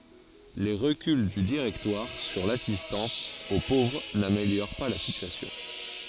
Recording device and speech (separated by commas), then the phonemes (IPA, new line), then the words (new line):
forehead accelerometer, read sentence
le ʁəkyl dy diʁɛktwaʁ syʁ lasistɑ̃s o povʁ nameljoʁ pa la sityasjɔ̃
Les reculs du Directoire sur l'assistance aux pauvres n'améliorent pas la situation.